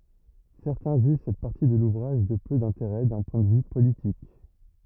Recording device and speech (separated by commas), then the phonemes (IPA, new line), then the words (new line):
rigid in-ear microphone, read sentence
sɛʁtɛ̃ ʒyʒ sɛt paʁti də luvʁaʒ də pø dɛ̃teʁɛ dœ̃ pwɛ̃ də vy politik
Certains jugent cette partie de l'ouvrage de peu d'intérêt d'un point de vue politique.